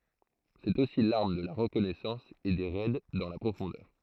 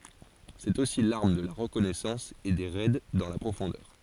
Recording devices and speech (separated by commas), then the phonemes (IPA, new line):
throat microphone, forehead accelerometer, read sentence
sɛt osi laʁm də la ʁəkɔnɛsɑ̃s e de ʁɛd dɑ̃ la pʁofɔ̃dœʁ